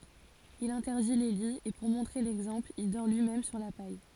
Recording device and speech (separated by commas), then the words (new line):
forehead accelerometer, read sentence
Il interdit les lits et pour montrer l’exemple, il dort lui-même sur la paille.